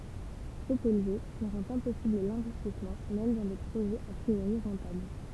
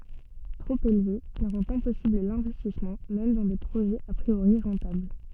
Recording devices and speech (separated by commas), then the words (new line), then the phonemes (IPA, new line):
temple vibration pickup, soft in-ear microphone, read sentence
Trop élevé, il rend impossible l'investissement même dans des projets a priori rentables.
tʁop elve il ʁɑ̃t ɛ̃pɔsibl lɛ̃vɛstismɑ̃ mɛm dɑ̃ de pʁoʒɛz a pʁioʁi ʁɑ̃tabl